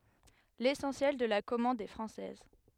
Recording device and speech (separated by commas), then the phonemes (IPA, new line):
headset microphone, read sentence
lesɑ̃sjɛl də la kɔmɑ̃d ɛ fʁɑ̃sɛz